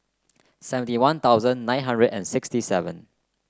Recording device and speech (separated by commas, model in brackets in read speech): close-talking microphone (WH30), read sentence